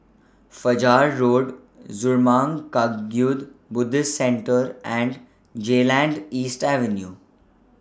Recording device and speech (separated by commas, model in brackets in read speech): standing microphone (AKG C214), read sentence